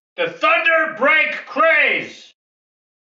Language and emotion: English, angry